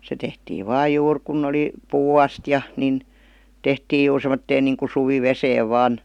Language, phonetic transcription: Finnish, se 'tehtii "vaa 'juur kun'n ‿oli , "puu'astja , 'nin , 'tehtiij̆ juur sem̀otteen niiŋku suvi"veseev "vaan ,.
- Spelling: se tehtiin vain juuri kun oli puuastia niin tehtiin juuri semmoiseen niin kuin suviveteen vain

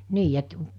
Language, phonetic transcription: Finnish, 'nii et ,
- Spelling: niin että

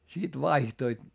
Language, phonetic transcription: Finnish, sit vaihtoit .
- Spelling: sitten vaihtoivat

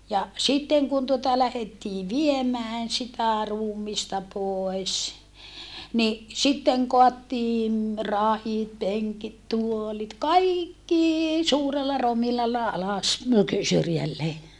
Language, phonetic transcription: Finnish, ja , sitteŋ kun tuota lähettii viemään sitä ruumista pòes , ni , sitteŋ koattiin rahit peŋkit tuolit kaikkii , suurella romilalla alas , syrjällee .
- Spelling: ja sitten kun tuota lähdettiin viemään sitä ruumista pois niin sitten kaadettiin rahit penkit tuolit kaikki suurella rominalla alas syrjälleen

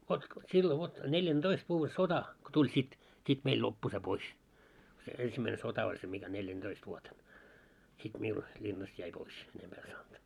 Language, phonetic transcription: Finnish, vot , 'sillo 'vot , 'neljän"ᴅoist vuuvve 'sota , ko 'tuĺ sit , sit 'meil 'loppu se 'pois , se ensimmäine 'sota oĺ se mikä 'neljän'ᴅoist vuoten , sit 'miul , 'ĺinnast jäi 'pois , enempää en saant .
- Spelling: vot silloin vot neljäntoista vuoden sota kun tuli sitten sitten meillä loppui se pois se ensimmäinen sota oli se mikä neljänätoista vuotena sitten minulla linnasta jäi pois enempää en saanut

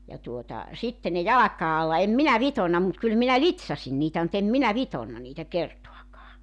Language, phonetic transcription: Finnish, ja tuota , 'sitte ne 'jalak̀aa alla 'em 'minä "vitonna mut 'kyl minä "lit̳s̳§asin niitä mu't ‿em 'minä 'vitonna niitä 'kertoakaa .
- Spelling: ja tuota sitten ne jalkojen alla en minä vitonut mutta kyllä minä litsasin niitä mutta en minä vitonut niitä kertaakaan

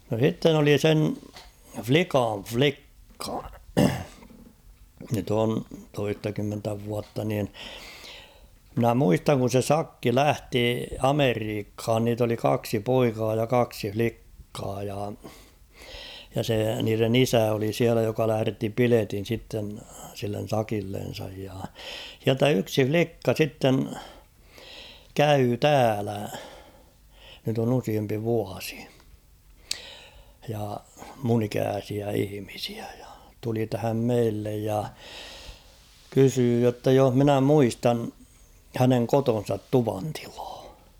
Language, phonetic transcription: Finnish, no 'sitten ‿oli 'sen , "flikan͕̬ "flikka , nyt ‿on 'toistakymmentä vuatta niin , mᵎnä 'muistaŋ kun̬ se "sakki "lähti "Ameriikhaan niit ‿oli 'kaksi "poikaa ja 'kaksi "flikkaa ja , ja se niiren ‿"isä oli 'siälä joka lähᵃ̈retti 'piletin̬ sitten , sillen̬ 'sakillen̬saj ja , h̬iältä 'yksi "flikka 'sitten , "käyy "täälä , nyt ‿on ‿'usiempi 'vuasɪ , ja , mun ‿'ikääsiä 'ihⁱmisɪᴀ̈ ᴊᴀ , tuli tähäm 'meillej ja , 'kysyy jotta joh "minä 'muistan , 'häneŋ "koton̬sat "tuvantɪʟᴀᴀ .
- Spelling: no sitten oli sen likan likka nyt on toistakymmentä vuotta niin minä muistan kun se sakki lähti Amerikkaan niitä oli kaksi poikaa ja kaksi likkaa ja ja se niiden isä oli siellä joka lähetti piletin sitten sille sakillensa ja sieltä yksi likka sitten kävi täällä nyt on useampi vuosi ja minun ikäisiä ihmisiä ja tuli tähän meille ja kysyi jotta jos minä muistan hänen kotinsa tuvantilaa

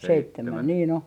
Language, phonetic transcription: Finnish, 'seittemän niin ‿o .
- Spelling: seitsemän niin on

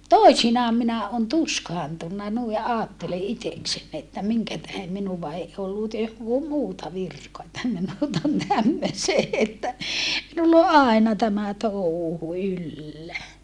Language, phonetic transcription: Finnish, toisinaam minä on tuskaantunna nui ʼaattele ʼiteksen että miŋkätähe minuva (ei ollu) muuta virkoa että minut on tämmösee että , minull ‿o ʼaena tämä touhu yllä .
- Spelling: toisinaan minä olen tuskaantunut noin ajattelen itsekseni että minkä tähden minua ei ollut muuta virkaa että minut on tämmöiseen että minulla on aina tämä touhu yllä

